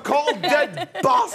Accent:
British accent